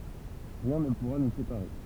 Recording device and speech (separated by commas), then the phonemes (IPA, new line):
temple vibration pickup, read sentence
ʁiɛ̃ nə puʁa nu sepaʁe